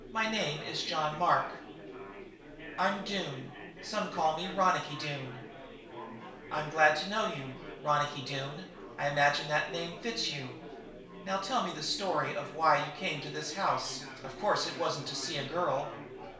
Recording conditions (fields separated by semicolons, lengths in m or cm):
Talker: one person; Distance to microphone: 1.0 m; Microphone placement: close; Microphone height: 1.1 m; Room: small (3.7 m by 2.7 m); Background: babble